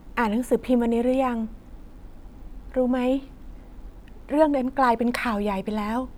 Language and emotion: Thai, sad